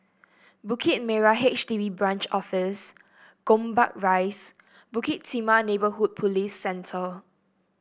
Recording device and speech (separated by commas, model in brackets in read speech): boundary microphone (BM630), read sentence